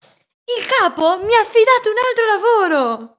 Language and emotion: Italian, happy